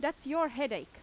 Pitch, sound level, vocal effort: 295 Hz, 93 dB SPL, very loud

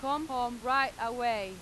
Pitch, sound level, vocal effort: 245 Hz, 96 dB SPL, very loud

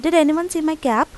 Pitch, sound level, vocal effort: 315 Hz, 86 dB SPL, normal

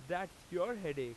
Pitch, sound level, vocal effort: 175 Hz, 95 dB SPL, very loud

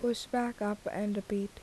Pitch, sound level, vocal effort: 205 Hz, 77 dB SPL, soft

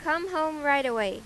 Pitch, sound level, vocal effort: 300 Hz, 94 dB SPL, loud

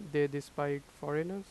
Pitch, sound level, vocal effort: 145 Hz, 87 dB SPL, normal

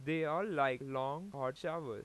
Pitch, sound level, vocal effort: 140 Hz, 93 dB SPL, loud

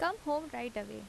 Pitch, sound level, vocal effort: 245 Hz, 83 dB SPL, normal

